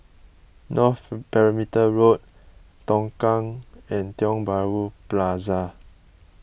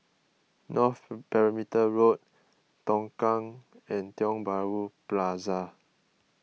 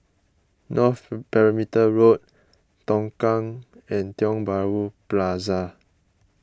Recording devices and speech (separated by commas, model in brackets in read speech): boundary microphone (BM630), mobile phone (iPhone 6), close-talking microphone (WH20), read sentence